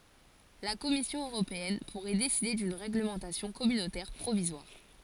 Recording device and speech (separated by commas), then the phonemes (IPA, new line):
forehead accelerometer, read sentence
la kɔmisjɔ̃ øʁopeɛn puʁɛ deside dyn ʁeɡləmɑ̃tasjɔ̃ kɔmynotɛʁ pʁovizwaʁ